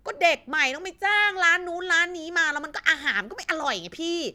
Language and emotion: Thai, angry